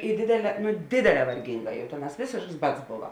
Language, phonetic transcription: Lithuanian, i ˈdėdėˌlē ˈdėdėˌlē varˈginˌgā jau ˈtėˌnās ˈvėsėšks ˈbads ˈbova

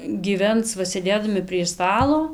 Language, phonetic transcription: Lithuanian, gyˈvens ˈva sėˈdėdami prie ˈstalo

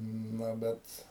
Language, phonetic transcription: Lithuanian, ˈna ˈbet

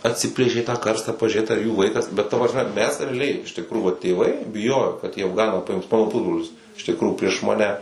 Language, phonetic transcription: Lithuanian, atˈsiplėšė tą ˈkarstą pažiuˈrėt ar jų ˈvaikas bet ta prasˈme mes reaˈliai iš tikˈrųjų vat tėˈvai biˈjojo kad į afˈganą paˈims ˈmano ˈpusbrolis iš tikˈrųjų prieš maˈne

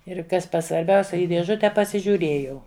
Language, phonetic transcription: Lithuanian, ir ˈkas svarˈbiausia ˈį dėˈžute pasižiūˈrėjau

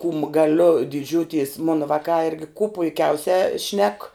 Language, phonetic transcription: Lithuanian, kūm gaˈliu diˈdžiūtis ˈmona ˈvakā ˈirgi kū puiˈkiausiā šnek

